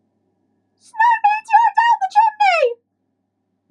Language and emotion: English, neutral